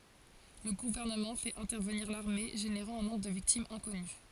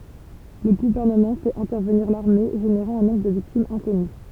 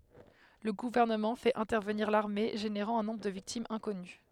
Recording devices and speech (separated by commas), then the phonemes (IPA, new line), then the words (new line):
forehead accelerometer, temple vibration pickup, headset microphone, read sentence
lə ɡuvɛʁnəmɑ̃ fɛt ɛ̃tɛʁvəniʁ laʁme ʒeneʁɑ̃ œ̃ nɔ̃bʁ də viktimz ɛ̃kɔny
Le gouvernement fait intervenir l'armée, générant un nombre de victimes inconnu.